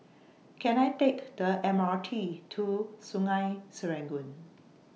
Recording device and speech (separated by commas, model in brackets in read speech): mobile phone (iPhone 6), read sentence